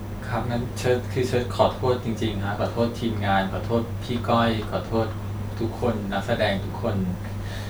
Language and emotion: Thai, sad